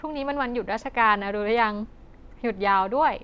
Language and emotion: Thai, happy